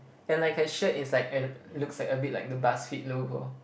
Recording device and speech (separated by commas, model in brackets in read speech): boundary microphone, conversation in the same room